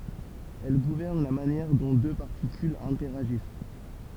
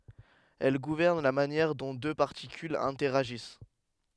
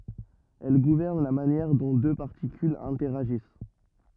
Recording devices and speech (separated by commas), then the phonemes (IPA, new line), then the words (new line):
temple vibration pickup, headset microphone, rigid in-ear microphone, read sentence
ɛl ɡuvɛʁn la manjɛʁ dɔ̃ dø paʁtikylz ɛ̃tɛʁaʒis
Elle gouverne la manière dont deux particules interagissent.